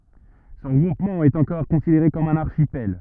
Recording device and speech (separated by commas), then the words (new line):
rigid in-ear microphone, read sentence
Ce regroupement est encore considéré comme un archipel.